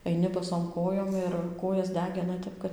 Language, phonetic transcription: Lithuanian, aiˈni baˈsom ˈkojom ir ˈkojas ˈdegina ˈtep kad

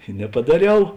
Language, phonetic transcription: Lithuanian, i nepadaˈriau

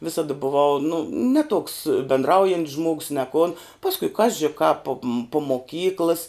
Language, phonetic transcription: Lithuanian, ˈvisada buˈvau nu ne tuoks bendˈraujant's žmogs ne kun ˈpaskui ˈkaži kap pom pu moˈkyklɨs

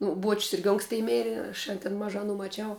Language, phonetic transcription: Lithuanian, ˈnu ˈbuoč's' ˈirgi ˈonksti ˈmėri aš an tin ˈmažā aˈnų maˈčiau

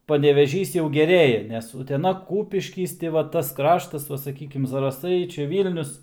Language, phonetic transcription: Lithuanian, paneveˈžys jau geˈrėja nes uteˈna ˈkūpiškys ti va ˈtas ˈkraštas ˈva saˈkykim zaraˈsai ˈčia ˈvylnius

